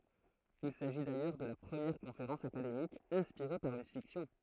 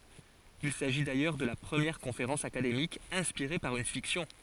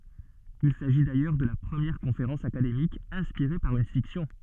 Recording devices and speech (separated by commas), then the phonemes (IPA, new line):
throat microphone, forehead accelerometer, soft in-ear microphone, read sentence
il saʒi dajœʁ də la pʁəmjɛʁ kɔ̃feʁɑ̃s akademik ɛ̃spiʁe paʁ yn fiksjɔ̃